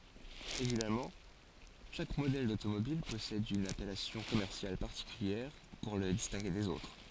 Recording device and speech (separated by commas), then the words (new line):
forehead accelerometer, read sentence
Évidemment, chaque modèle d'automobile possède une appellation commerciale particulière pour le distinguer des autres.